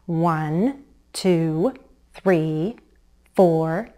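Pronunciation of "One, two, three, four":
The count 'One, two, three, four' is said in an angry parent voice, so it sounds certain and authoritative.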